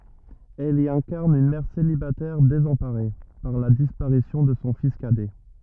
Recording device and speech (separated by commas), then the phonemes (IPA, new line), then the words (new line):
rigid in-ear microphone, read sentence
ɛl i ɛ̃kaʁn yn mɛʁ selibatɛʁ dezɑ̃paʁe paʁ la dispaʁisjɔ̃ də sɔ̃ fis kadɛ
Elle y incarne une mère célibataire désemparée par la disparition de son fils cadet.